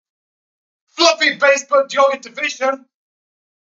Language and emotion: English, surprised